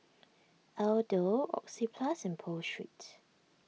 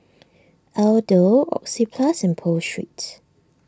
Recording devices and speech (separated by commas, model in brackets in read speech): mobile phone (iPhone 6), standing microphone (AKG C214), read sentence